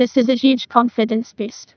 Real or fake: fake